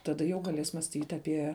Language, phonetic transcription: Lithuanian, taˈda jau gaˈlės mąsˈtyt aˈpie

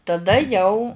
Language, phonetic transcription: Lithuanian, taˈda ˈjau

